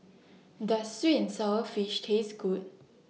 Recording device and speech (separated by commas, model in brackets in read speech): mobile phone (iPhone 6), read sentence